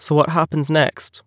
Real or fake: real